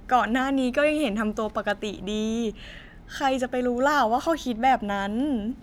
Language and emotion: Thai, sad